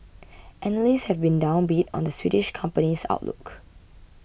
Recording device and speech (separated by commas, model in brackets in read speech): boundary microphone (BM630), read sentence